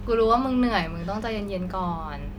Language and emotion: Thai, frustrated